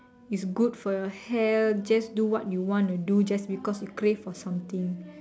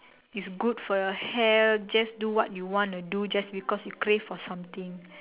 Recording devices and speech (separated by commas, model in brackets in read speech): standing microphone, telephone, conversation in separate rooms